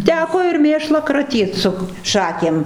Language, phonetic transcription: Lithuanian, ˈteko ir ˈmėšlą kraˈtyt su ˈšakėm

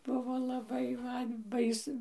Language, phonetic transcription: Lithuanian, ˈbuvo laˈbai ˈman ˈbais

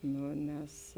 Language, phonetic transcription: Lithuanian, ˈnu nes

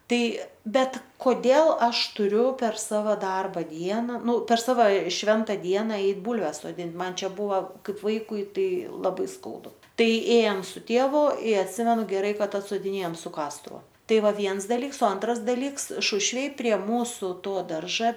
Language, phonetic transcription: Lithuanian, ˈtai ˈbet koˈdėl ˈaš tuˈriu per ˈsava ˈdarba ˈdiena ˈnu per ˈsava ˈšventa ˈdiena ˈeit ˈbūlves soˈdint ˈman ˈčia ˈbūva ˈkaip ˈvaikui ˈtai laˈbai ˈskaudu ˈtai ˈėjam su ˈtėvu i atˈsimenu geˈrai ˈkad atsodiˈnėjam su ˈkastuvu ˈtai ˈva ˈviens daˈlyks o ˈantras daˈlyks ˈšušvėj prie ˈmūsu ˈto ˈdarža

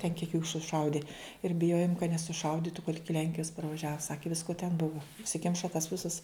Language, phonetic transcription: Lithuanian, ten kiek jų suˈšaudi ir biˈjojom kad nesuˈšauditu kad ˈiki ˈlenkijas parvaˈžiavo ˈsaki ˈvisko ten ˈbuva užsiˈkimša tas ˈvisas

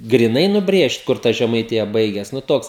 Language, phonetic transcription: Lithuanian, griˈnai nuˈbrėžt ˈkur ta žemaiˈtija ˈbaigias nu ˈtoks

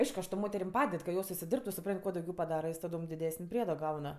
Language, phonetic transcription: Lithuanian, ˈaišku aš tom ˈmoterim ˈpaded ka ˈjos užsiˈdirbtu suˈpran't' ˈkuo dauˈgiau paˈdara ˈjos taˈdom diˈdesən' ˈpriedo ˈgaun

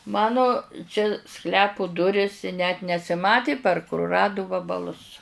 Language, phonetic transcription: Lithuanian, ˈmanu čia ˈsklepu ˈduris i net nesiˈmati par kuruˈradu vabaˈlus

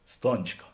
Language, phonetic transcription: Lithuanian, ˈstončka

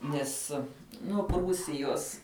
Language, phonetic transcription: Lithuanian, ˈnes nu ˈprūsijos

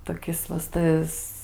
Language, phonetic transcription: Lithuanian, toˈkis va s ˈtas

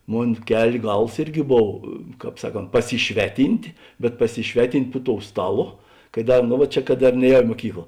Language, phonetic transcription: Lithuanian, ˈmon ˈkel' ˈgals ˈirˌgi ˈbov ˈkāp ˈsaˌkont pasiˈšveˌtynt' bet pasiˈšveˌtint' pu tou ˈstaˌlo ka ˈda ˈnu va ˈčia kad ˈdar ˈnēˌjau i muoˈkykla

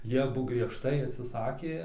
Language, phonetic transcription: Lithuanian, ˈjie aˈbu griežˈtai atsiˈsakė

